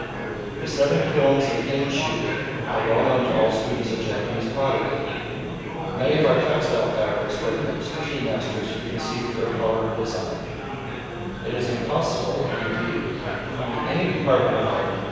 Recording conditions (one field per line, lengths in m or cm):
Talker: one person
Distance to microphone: 7.1 m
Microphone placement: far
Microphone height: 1.7 m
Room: very reverberant, large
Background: babble